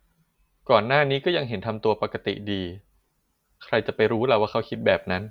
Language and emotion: Thai, neutral